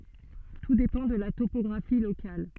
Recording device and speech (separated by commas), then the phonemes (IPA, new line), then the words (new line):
soft in-ear microphone, read sentence
tu depɑ̃ də la topɔɡʁafi lokal
Tout dépend de la topographie locale.